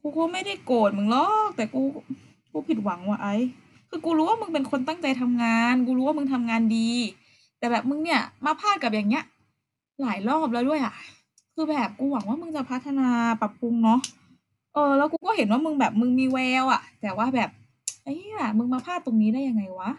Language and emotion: Thai, frustrated